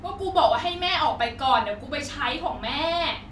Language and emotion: Thai, angry